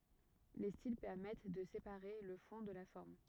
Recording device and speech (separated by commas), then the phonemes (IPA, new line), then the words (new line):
rigid in-ear microphone, read sentence
le stil pɛʁmɛt də sepaʁe lə fɔ̃ də la fɔʁm
Les styles permettent de séparer le fond de la forme.